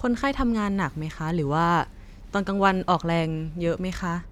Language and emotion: Thai, neutral